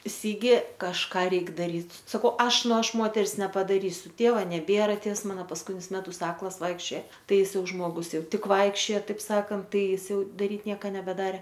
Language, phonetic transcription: Lithuanian, ˈsigi kažˈką ˈreik daˈryt saˈkau ˈaš ˈnu ˈaš ˈmoters nepadaˈrysiu ˈtėva neˈbėra ˈtėvs ˈmana paskuˈtinius ˈmetus ˈaklas ˈvaikščioja ˈtai iˈsai ˈjau ˈžmogus ˈjau ˈtik ˈvaikščioja ˈtaip ˈsakant ˈtai ˈjis ˈjau daˈryt ˈnieka nebeˈdare

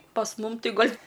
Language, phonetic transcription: Lithuanian, pas ˈmum ˈti ˈgal'

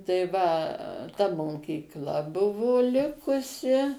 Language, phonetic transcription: Lithuanian, tai va ta mokykˈla ˈbuvo ˈlikusi

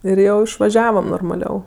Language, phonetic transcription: Lithuanian, ir ˈjau išvaˈžiavam normaˈliau

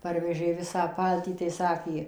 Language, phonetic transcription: Lithuanian, ˈparvežė ˈvisą ˈpaltį tai ˈsakė

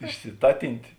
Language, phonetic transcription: Lithuanian, išsiˈtatintė

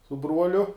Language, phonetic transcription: Lithuanian, su ˈbruoliu

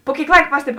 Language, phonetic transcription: Lithuanian, pu ˈkėik ˈlaik ˈpastebi

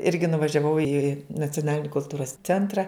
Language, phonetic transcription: Lithuanian, ˈirgi nuvažiaˈvau i nacioˈnalini kulˈtūros ˈcentra

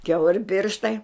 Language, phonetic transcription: Lithuanian, ˈkiauri ˈpirštai

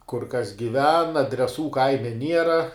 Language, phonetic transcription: Lithuanian, kur kas giˈven adreˈsų ˈkaime ˈniera

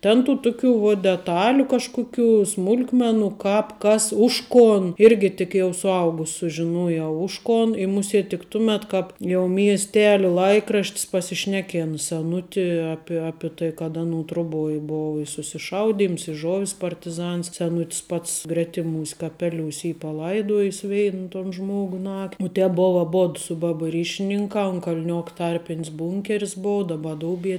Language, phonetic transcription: Lithuanian, ˈten tų tuˈkių vuo deˈtaliu kažˈkukių ˈsmul'kmenu ˈkāp ˈkas ˈuž ˌkon ˈirgi tik jau suˈaugus sužiˈnujau ˈuž ˌkon i ˈmusėt' tik ˈtumet ˈkāp jau miesˈteliu ˈlaikraš't's pasišˈnekėna seˈnuti ˈapie ˈapi tai kad ˈanu ˈtruboj ˈbovu i susiˈšauˌdyms i ˈžovis partiˈzans seˈnutis ˈpats ˈgretiˈmūs' kaˈpeˈliūs' ˈy paˈlaidojis ˈvein ton ˈžmogu nak u ˈtēp ˈbova aˈbod su ˈbaba ˈryšininkā un kal'ˈniok ˈtarpin's ˈbūnker's ˈboa ˈdaba ˈdoubie

